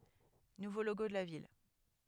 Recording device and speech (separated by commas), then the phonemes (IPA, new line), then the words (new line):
headset microphone, read sentence
nuvo loɡo də la vil
Nouveau logo de la ville.